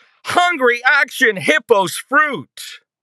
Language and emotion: English, disgusted